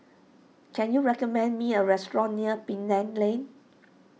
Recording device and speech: mobile phone (iPhone 6), read sentence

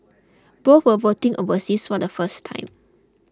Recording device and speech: close-talking microphone (WH20), read sentence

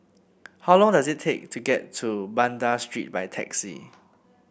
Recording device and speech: boundary microphone (BM630), read sentence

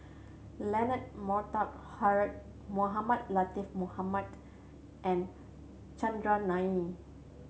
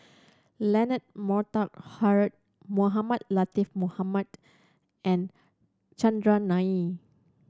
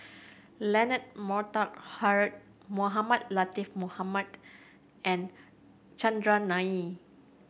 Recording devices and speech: mobile phone (Samsung C7100), standing microphone (AKG C214), boundary microphone (BM630), read sentence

